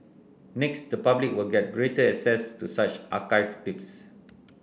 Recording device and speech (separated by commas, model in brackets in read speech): boundary microphone (BM630), read sentence